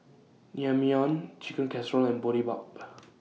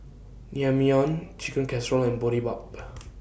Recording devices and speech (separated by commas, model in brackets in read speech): mobile phone (iPhone 6), boundary microphone (BM630), read sentence